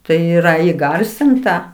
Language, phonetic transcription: Lithuanian, tai ˈyra įˈgarsinta

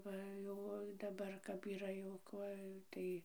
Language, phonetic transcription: Lithuanian, ˈva ˈjau o daˈbar kap yˈra jau ˈkuoj ˈtai

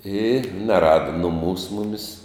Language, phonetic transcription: Lithuanian, i neˈrada nuˈmūs ˈmumis

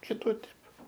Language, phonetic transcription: Lithuanian, kiˈtų ˈtep

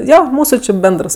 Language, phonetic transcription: Lithuanian, ˈjo ˈmūsu či ˈbendrs

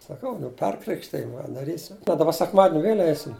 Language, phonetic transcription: Lithuanian, saˈkau nu ˈperkrikštij daˈrysim bet daˈba sekˈmadin' ˈvėl' ˈeisim

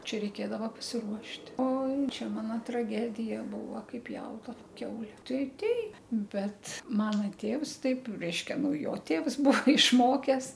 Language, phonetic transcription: Lithuanian, ˈčia reiˈkėdava pasiˈruošt' ˈoi ˈčia ˈmano traˈgedija ˈbūva ˈkaip ˈpjaudava ˈkiaule ˈtai ˈteip ˈbet ˈmana ˈtėvs ˈtaip ˈreiškia ˈnu ˈjo ˈtėvs ˈbuo išˈmokes

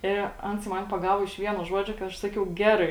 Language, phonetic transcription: Lithuanian, i ˈans ˈman paˈgavo iš ˈvieno ˈžuodžio kai ˈaš ˈsakiau ˈgerai

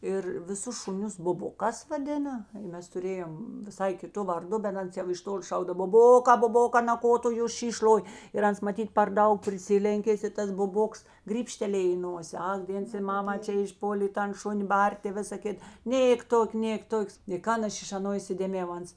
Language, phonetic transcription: Lithuanian, ˈir viˈsus šuˈnius buˈbukās vaˈdina ˈmes tuˈrėjom viˈsai kiˈtu varˈdu bet ˈans jau iš ˈtoli ˈšaukdav buˈbokā buˈbokā na ˈko tu ju ˈšyš ˈloj ir ˈans maˈtyt per ˈdaug priˈsilenkės i ˈtas buˈboks grybˈštelėj į ˈnosė ˈak ˈdėns i ˈmama ˈčia išˈpolė i ˈtan ˈšuni ˈbartė i ˈvisa ˈkit ˈnėk ˈtok' ˈnėk ˈtok' i ˈkan ˈaš iš aˈno isidėˈmėjau ˈans

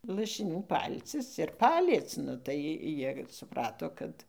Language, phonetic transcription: Lithuanian, lašiˈnių ˈpalcis ir ˈpaliec ˈnu tai jir suˈprato ˈkad

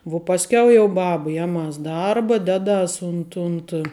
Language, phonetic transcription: Lithuanian, vuo pasˈkiau jau ˈbaba ˈjeˌmas ˈdarba ˈdeˌdas ˈunt unt

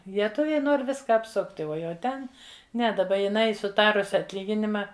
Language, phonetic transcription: Lithuanian, lieˈtuviai ˈnor ˈviska apˈsukt' ˈuo jau ˈten ˈne daˈba jiˈnai suˈtarusi atˈlyginima

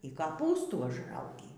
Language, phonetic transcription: Lithuanian, y kaˈpūstų užˈraugį

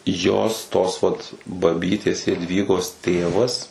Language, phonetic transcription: Lithuanian, ˈjos tos vat baˈbytės jadˈvygos ˈtėvas

